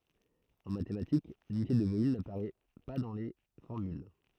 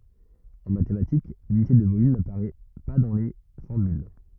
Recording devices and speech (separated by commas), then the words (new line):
throat microphone, rigid in-ear microphone, read sentence
En mathématiques, l'unité de volume n'apparaît pas dans les formules.